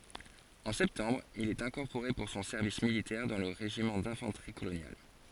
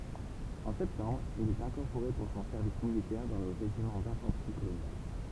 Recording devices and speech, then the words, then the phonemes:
forehead accelerometer, temple vibration pickup, read sentence
En septembre, il est incorporé pour son service militaire dans le régiment d'infanterie coloniale.
ɑ̃ sɛptɑ̃bʁ il ɛt ɛ̃kɔʁpoʁe puʁ sɔ̃ sɛʁvis militɛʁ dɑ̃ lə ʁeʒimɑ̃ dɛ̃fɑ̃tʁi kolonjal

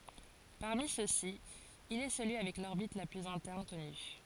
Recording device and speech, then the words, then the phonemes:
forehead accelerometer, read sentence
Parmi ceux-ci, il est celui avec l'orbite la plus interne connue.
paʁmi søksi il ɛ səlyi avɛk lɔʁbit la plyz ɛ̃tɛʁn kɔny

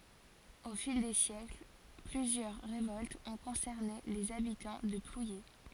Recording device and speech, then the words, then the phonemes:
forehead accelerometer, read sentence
Au fil des siècles, plusieurs révoltes ont concerné les habitants de Plouyé.
o fil de sjɛkl plyzjœʁ ʁevɔltz ɔ̃ kɔ̃sɛʁne lez abitɑ̃ də plwje

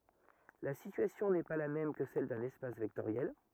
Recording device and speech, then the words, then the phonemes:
rigid in-ear microphone, read sentence
La situation n'est pas la même que celle d'un espace vectoriel.
la sityasjɔ̃ nɛ pa la mɛm kə sɛl dœ̃n ɛspas vɛktoʁjɛl

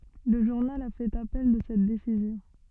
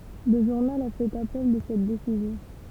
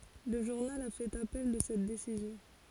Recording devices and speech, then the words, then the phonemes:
soft in-ear microphone, temple vibration pickup, forehead accelerometer, read sentence
Le journal a fait appel de cette décision.
lə ʒuʁnal a fɛt apɛl də sɛt desizjɔ̃

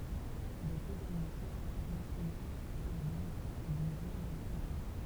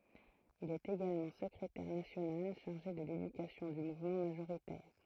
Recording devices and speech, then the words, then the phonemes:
temple vibration pickup, throat microphone, read sentence
Il est également secrétaire national chargé de l'éducation du mouvement majoritaire.
il ɛt eɡalmɑ̃ səkʁetɛʁ nasjonal ʃaʁʒe də ledykasjɔ̃ dy muvmɑ̃ maʒoʁitɛʁ

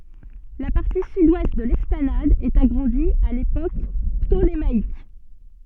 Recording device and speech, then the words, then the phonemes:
soft in-ear microphone, read sentence
La partie sud-ouest de l'esplanade est agrandie à l'époque ptolémaïque.
la paʁti sydwɛst də lɛsplanad ɛt aɡʁɑ̃di a lepok ptolemaik

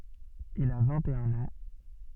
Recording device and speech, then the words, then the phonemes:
soft in-ear microphone, read sentence
Il a vingt-et-un ans.
il a vɛ̃t e œ̃n ɑ̃

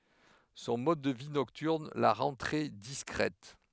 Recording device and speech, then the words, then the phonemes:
headset microphone, read sentence
Son mode de vie nocturne la rend très discrète.
sɔ̃ mɔd də vi nɔktyʁn la ʁɑ̃ tʁɛ diskʁɛt

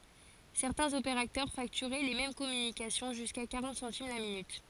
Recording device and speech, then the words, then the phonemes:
forehead accelerometer, read sentence
Certains opérateurs facturaient les mêmes communications jusqu'à quarante centimes la minute.
sɛʁtɛ̃z opeʁatœʁ faktyʁɛ le mɛm kɔmynikasjɔ̃ ʒyska kaʁɑ̃t sɑ̃tim la minyt

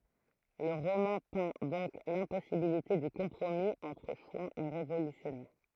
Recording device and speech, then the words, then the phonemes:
throat microphone, read sentence
Le roman peint donc l’impossibilité du compromis entre chouans et révolutionnaires.
lə ʁomɑ̃ pɛ̃ dɔ̃k lɛ̃pɔsibilite dy kɔ̃pʁomi ɑ̃tʁ ʃwɑ̃z e ʁevolysjɔnɛʁ

